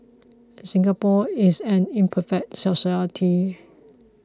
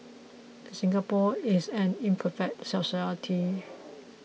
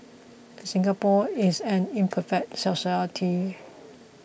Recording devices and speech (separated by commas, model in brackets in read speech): close-talking microphone (WH20), mobile phone (iPhone 6), boundary microphone (BM630), read sentence